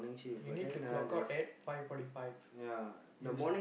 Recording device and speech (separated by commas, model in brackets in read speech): boundary microphone, conversation in the same room